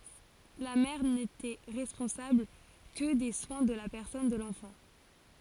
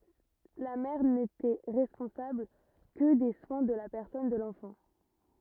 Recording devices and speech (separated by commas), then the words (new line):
forehead accelerometer, rigid in-ear microphone, read sentence
La mère n'était responsable que des soins de la personne de l'enfant.